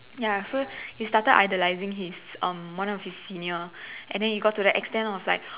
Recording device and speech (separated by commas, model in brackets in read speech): telephone, conversation in separate rooms